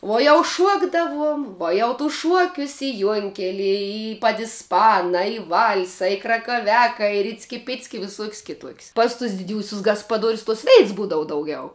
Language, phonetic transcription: Lithuanian, ˈuo jau ˈšuokdavuom ˈvuo jau tus ˈšuokius i ˈjuonkelie i padisˈpana i ˈval'sa i krakaˈviaka i ˈricki ˈpicki i viˈsuok's' kiˈtuok's' pas tus diˈdiūsius gaspaˈduorius ˈtuos ˈveits ˈbūdavu dauˈgiau

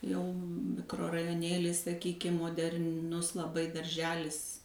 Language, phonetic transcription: Lithuanian, ˈjau mikrorajoˈnėlis saˈkykim moder'ˈnus laˈbai darˈželis

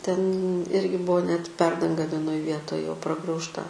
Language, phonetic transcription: Lithuanian, ten ˈirgi ˈbuvo net ˈperdanga vieˈnoj ˈvietoj jau pragraužˈta

